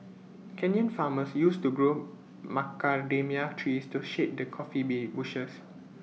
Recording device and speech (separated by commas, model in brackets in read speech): mobile phone (iPhone 6), read sentence